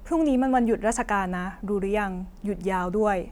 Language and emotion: Thai, neutral